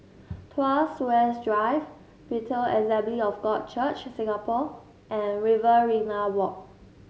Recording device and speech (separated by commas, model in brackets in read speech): mobile phone (Samsung S8), read sentence